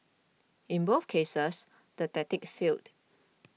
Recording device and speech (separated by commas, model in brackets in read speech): mobile phone (iPhone 6), read sentence